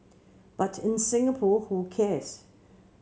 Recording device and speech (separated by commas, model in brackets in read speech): mobile phone (Samsung C7), read sentence